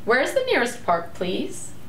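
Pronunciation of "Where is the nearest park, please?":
'Where is the nearest park, please?' is said with a rising intonation, as a friendly and polite phrase.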